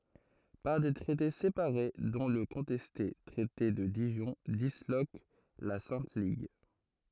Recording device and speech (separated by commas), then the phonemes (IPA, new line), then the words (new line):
throat microphone, read sentence
paʁ de tʁɛte sepaʁe dɔ̃ lə kɔ̃tɛste tʁɛte də diʒɔ̃ dislok la sɛ̃t liɡ
Par des traités séparés, dont le contesté traité de Dijon, disloque la Sainte Ligue.